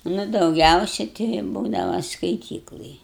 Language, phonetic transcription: Lithuanian, nu dauˈgiausia tei i ˈbūdava skaiˈtyklaj

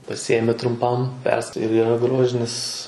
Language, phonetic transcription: Lithuanian, paˈsijėmi trumˈpam persk ir yˈra ˈgrožinis

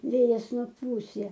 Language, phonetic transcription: Lithuanian, ˈvėjas nuˈpūs ˈja

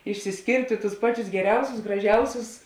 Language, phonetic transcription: Lithuanian, išsisˈkėrtė tus ˈpaˌčius geˈriausius graˈžiausius

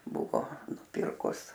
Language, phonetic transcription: Lithuanian, ˈbuvo nuˈpirkus

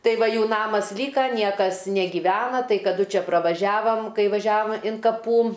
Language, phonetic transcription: Lithuanian, ˈtai ˈva ˈjų ˈnamas ˈlyka ˈniekas negyˈvena ˈtai kaˈdu ˈčia pravaˈžiavam ˈkai vaˈžiavam in kaˈpų

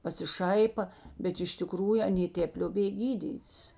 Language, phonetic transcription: Lithuanian, pasiˈšaipa bet iš tiˈkrųju aˈnė ˈtėp lioˈbėj ˈgydyt's

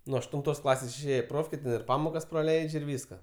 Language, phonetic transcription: Lithuanian, nu aštunˈtos ˈklasės išˈėje i ˈprofkė ten ir ˈpamokas praˈleidž' ir ˈvyska

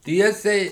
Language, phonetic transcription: Lithuanian, ˈtiesiai

